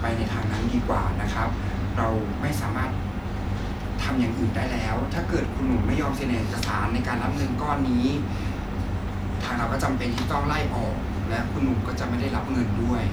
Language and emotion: Thai, frustrated